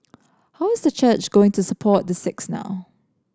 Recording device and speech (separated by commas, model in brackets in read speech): standing microphone (AKG C214), read sentence